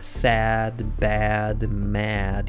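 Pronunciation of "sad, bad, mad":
'Sad, bad, mad' are said the American English way. The vowel in each word is a bit raised, so it sounds a bit higher than in British English.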